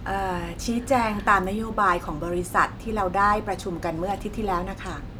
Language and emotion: Thai, neutral